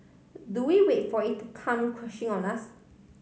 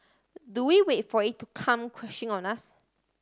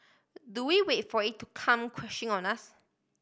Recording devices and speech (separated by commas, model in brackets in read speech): mobile phone (Samsung C5010), standing microphone (AKG C214), boundary microphone (BM630), read sentence